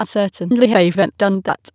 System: TTS, waveform concatenation